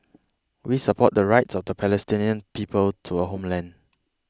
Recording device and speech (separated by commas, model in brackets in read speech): close-talking microphone (WH20), read sentence